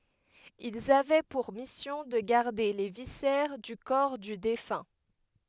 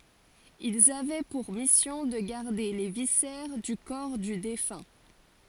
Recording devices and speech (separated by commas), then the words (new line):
headset microphone, forehead accelerometer, read sentence
Ils avaient pour mission de garder les viscères du corps du défunt.